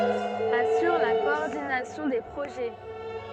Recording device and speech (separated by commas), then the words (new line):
soft in-ear microphone, read sentence
Assure la coordination des projets.